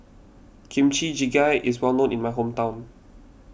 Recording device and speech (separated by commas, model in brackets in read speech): boundary microphone (BM630), read sentence